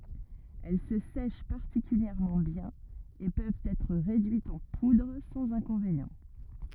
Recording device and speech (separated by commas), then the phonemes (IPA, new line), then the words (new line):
rigid in-ear microphone, read sentence
ɛl sə sɛʃ paʁtikyljɛʁmɑ̃ bjɛ̃n e pøvt ɛtʁ ʁedyitz ɑ̃ pudʁ sɑ̃z ɛ̃kɔ̃venjɑ̃
Elles se sèchent particulièrement bien et peuvent être réduites en poudre sans inconvénient.